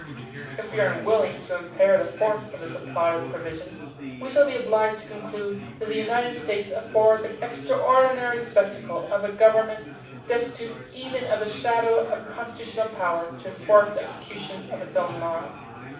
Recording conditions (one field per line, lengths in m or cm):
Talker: one person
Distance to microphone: 5.8 m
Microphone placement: far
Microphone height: 1.8 m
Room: medium-sized (5.7 m by 4.0 m)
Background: babble